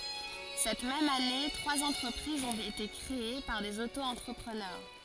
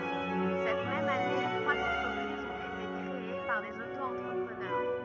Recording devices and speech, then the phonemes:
forehead accelerometer, rigid in-ear microphone, read sentence
sɛt mɛm ane tʁwaz ɑ̃tʁəpʁizz ɔ̃t ete kʁee paʁ dez oto ɑ̃tʁəpʁənœʁ

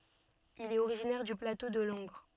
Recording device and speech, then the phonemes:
soft in-ear microphone, read sentence
il ɛt oʁiʒinɛʁ dy plato də lɑ̃ɡʁ

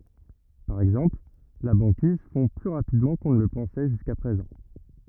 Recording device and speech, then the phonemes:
rigid in-ear microphone, read sentence
paʁ ɛɡzɑ̃pl la bɑ̃kiz fɔ̃ ply ʁapidmɑ̃ kɔ̃ nə lə pɑ̃sɛ ʒyska pʁezɑ̃

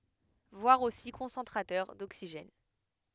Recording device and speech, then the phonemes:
headset microphone, read sentence
vwaʁ osi kɔ̃sɑ̃tʁatœʁ doksiʒɛn

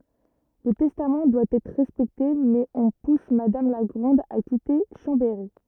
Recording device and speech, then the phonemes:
rigid in-ear microphone, read sentence
lə tɛstam dwa ɛtʁ ʁɛspɛkte mɛz ɔ̃ pus madam la ɡʁɑ̃d a kite ʃɑ̃bɛʁi

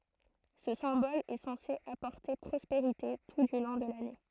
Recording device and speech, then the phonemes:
throat microphone, read sentence
sə sɛ̃bɔl ɛ sɑ̃se apɔʁte pʁɔspeʁite tu dy lɔ̃ də lane

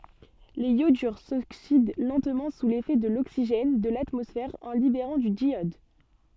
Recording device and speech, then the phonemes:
soft in-ear microphone, read sentence
lez jodyʁ soksid lɑ̃tmɑ̃ su lefɛ də loksiʒɛn də latmɔsfɛʁ ɑ̃ libeʁɑ̃ dy djjɔd

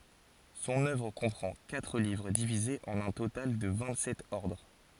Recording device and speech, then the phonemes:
forehead accelerometer, read sentence
sɔ̃n œvʁ kɔ̃pʁɑ̃ katʁ livʁ divizez ɑ̃n œ̃ total də vɛ̃t sɛt ɔʁdʁ

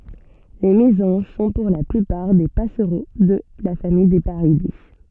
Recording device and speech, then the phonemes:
soft in-ear microphone, read sentence
le mezɑ̃ʒ sɔ̃ puʁ la plypaʁ de pasʁo də la famij de paʁide

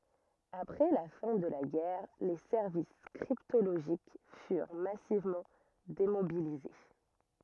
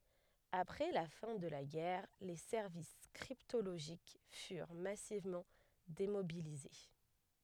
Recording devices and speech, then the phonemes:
rigid in-ear microphone, headset microphone, read sentence
apʁɛ la fɛ̃ də la ɡɛʁ le sɛʁvis kʁiptoloʒik fyʁ masivmɑ̃ demobilize

